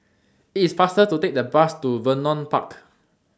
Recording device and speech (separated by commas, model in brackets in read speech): standing microphone (AKG C214), read sentence